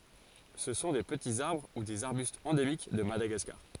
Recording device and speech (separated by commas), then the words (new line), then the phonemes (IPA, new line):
forehead accelerometer, read sentence
Ce sont des petits arbres ou des arbustes endémiques de Madagascar.
sə sɔ̃ de pətiz aʁbʁ u dez aʁbystz ɑ̃demik də madaɡaskaʁ